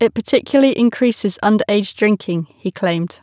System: none